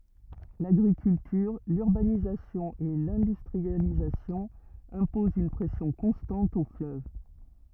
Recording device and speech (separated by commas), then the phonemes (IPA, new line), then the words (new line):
rigid in-ear microphone, read sentence
laɡʁikyltyʁ lyʁbanizasjɔ̃ e lɛ̃dystʁializasjɔ̃ ɛ̃pozɑ̃ yn pʁɛsjɔ̃ kɔ̃stɑ̃t o fløv
L'agriculture, l'urbanisation et l'industrialisation imposent une pression constante au fleuve.